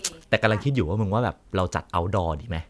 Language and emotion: Thai, neutral